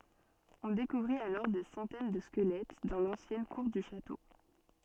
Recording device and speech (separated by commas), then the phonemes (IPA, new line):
soft in-ear microphone, read sentence
ɔ̃ dekuvʁit alɔʁ de sɑ̃tɛn də skəlɛt dɑ̃ lɑ̃sjɛn kuʁ dy ʃato